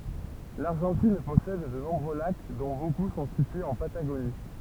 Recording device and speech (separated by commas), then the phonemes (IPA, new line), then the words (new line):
temple vibration pickup, read sentence
laʁʒɑ̃tin pɔsɛd də nɔ̃bʁø lak dɔ̃ boku sɔ̃ sityez ɑ̃ pataɡoni
L'Argentine possède de nombreux lacs, dont beaucoup sont situés en Patagonie.